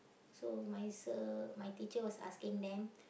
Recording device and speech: boundary microphone, conversation in the same room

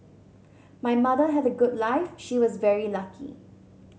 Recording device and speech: mobile phone (Samsung C7100), read sentence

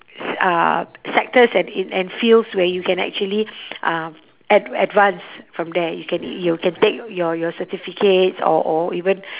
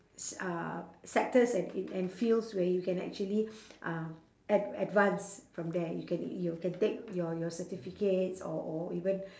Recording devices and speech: telephone, standing microphone, conversation in separate rooms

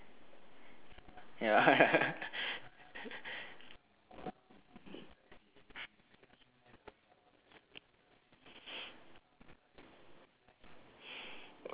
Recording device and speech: telephone, conversation in separate rooms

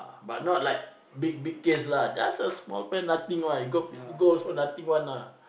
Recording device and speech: boundary microphone, conversation in the same room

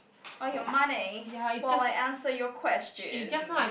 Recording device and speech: boundary microphone, conversation in the same room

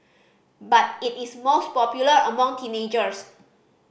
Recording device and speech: boundary microphone (BM630), read sentence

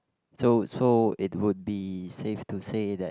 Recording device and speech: close-talking microphone, conversation in the same room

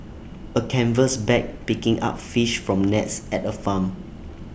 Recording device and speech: boundary microphone (BM630), read sentence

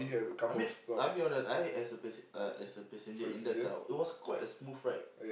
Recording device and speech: boundary microphone, conversation in the same room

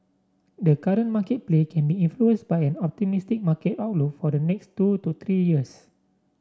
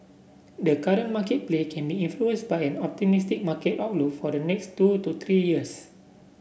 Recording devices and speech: standing microphone (AKG C214), boundary microphone (BM630), read sentence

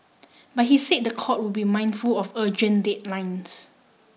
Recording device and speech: mobile phone (iPhone 6), read sentence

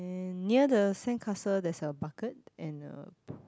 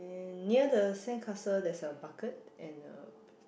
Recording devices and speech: close-talking microphone, boundary microphone, conversation in the same room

